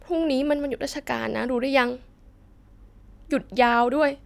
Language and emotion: Thai, sad